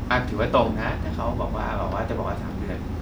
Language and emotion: Thai, neutral